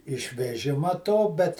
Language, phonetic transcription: Lithuanian, išveˈžima ˈto ˈbet

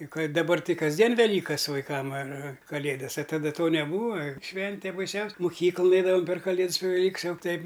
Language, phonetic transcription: Lithuanian, i ˈkai daˈbar ˈtai kasˈdien veˈlykas vaiˈkam ar ar kaˈlėdas a taˈda ˈto neˈbūa ˈšventė baiˈsiaus' muˈkyklun ˈeidavam per kaˈlėds per veˈlyks ˈjau ˈteip

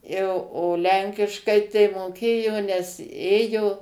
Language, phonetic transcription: Lithuanian, jau o ˈlenkiškai tai moˈkėjo nes ˈėjo

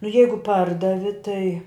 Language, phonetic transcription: Lithuanian, nu ˈjeigu ˈpardavi tai

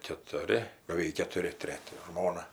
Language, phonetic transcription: Lithuanian, ketuˈri baveik ketuˈri ˈtreti ˈžmona

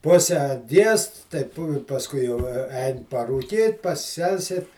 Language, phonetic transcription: Lithuanian, ˈpuse ˈgiest tai ˈpu i pasˈkui jau a ˈein parūˈkyt pasˈselsėt

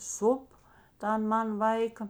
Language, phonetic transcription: Lithuanian, ˈsup ˈtan ˈman ˈvaika

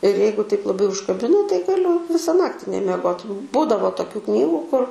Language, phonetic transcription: Lithuanian, ir ˈjeigu taip laˈbai užkaˈbina tai gaˈliu ˈvisa ˈnakti nemieˈgot ˈbūdavo toˈkių ˈknygu kur

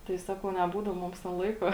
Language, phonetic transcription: Lithuanian, ˈtai ˈsakau neˈbūdav ˈmums ten ˈlaiko

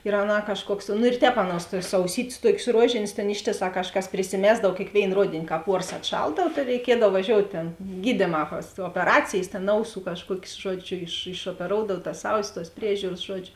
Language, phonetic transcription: Lithuanian, ir ˈaˌnā kažˈkuoks nu ir ˈtēp ˈaˌnuos tuos auˈsytės ˈtuokės ˈruožėnės ˈtėn ˈištėˌsā ˈkažˌkas prisiˈmesdav kėkˈvėin ˈrodėni ˈkāp ˈuors atˈšaldav ta reiˈkiedav vaˈžiout' tėn ˈgydėˌmā pas opeˈracėjs tėn ˈauˌsų kažˈkuokės ˈžuodžiu iš išopeˈroudav tas ˈauˌsis tuos ˈpriežiūras ˈžuodžiu

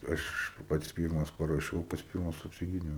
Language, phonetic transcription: Lithuanian, ˈaš ˈpats ˈpyrmas paraˈšiau ˈpats ˈpyrmas apsiˈgyniau

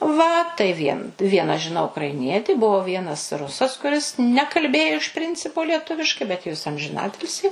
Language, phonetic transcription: Lithuanian, ˈva tai vie ˈviena žiˈnau ukraiˈnieti ˈbuvo ˈvienas ˈrusas kuˈris nekalˈbėju iš ˈprincipu lieˈtuviškai bet jau jis amžiˈnatilsį

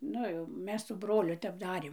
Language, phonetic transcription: Lithuanian, ˈnu jau ˈmes su ˈbroliu ˈtep ˈdarėm

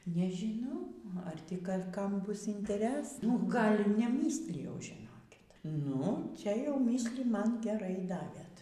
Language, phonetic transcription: Lithuanian, nežyˈnau ar ˈtį ˈgal' ˈkam ˈbus inteˈresna ˈgal' y neˈmyslijau žiˈnokit nu ˈčia jau ˈmyslį ˈman geˈrai ˈdavėt

